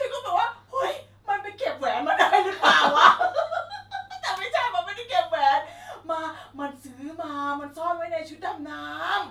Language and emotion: Thai, happy